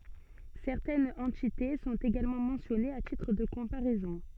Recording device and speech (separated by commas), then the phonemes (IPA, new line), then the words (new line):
soft in-ear microphone, read sentence
sɛʁtɛnz ɑ̃tite sɔ̃t eɡalmɑ̃ mɑ̃sjɔnez a titʁ də kɔ̃paʁɛzɔ̃
Certaines entités sont également mentionnées à titre de comparaison.